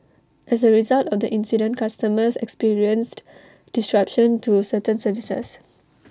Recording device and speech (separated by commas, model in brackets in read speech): standing microphone (AKG C214), read sentence